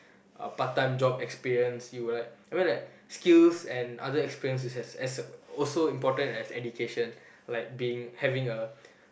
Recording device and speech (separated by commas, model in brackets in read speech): boundary microphone, conversation in the same room